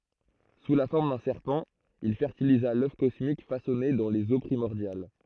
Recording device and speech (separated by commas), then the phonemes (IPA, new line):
throat microphone, read sentence
su la fɔʁm dœ̃ sɛʁpɑ̃ il fɛʁtiliza lœf kɔsmik fasɔne dɑ̃ lez o pʁimɔʁdjal